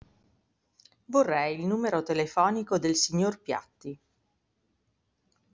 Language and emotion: Italian, neutral